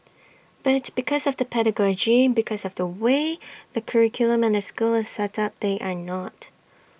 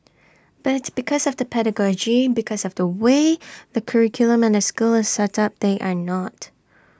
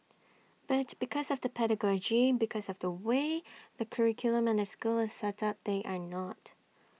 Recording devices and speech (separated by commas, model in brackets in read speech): boundary microphone (BM630), standing microphone (AKG C214), mobile phone (iPhone 6), read sentence